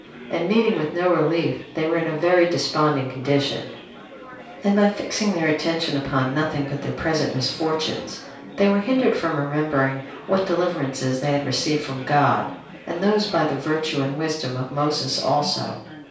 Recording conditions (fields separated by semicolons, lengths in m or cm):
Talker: one person; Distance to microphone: 3.0 m; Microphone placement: far; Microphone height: 1.8 m; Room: small (3.7 m by 2.7 m); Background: babble